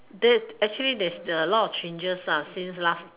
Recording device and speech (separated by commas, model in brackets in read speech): telephone, conversation in separate rooms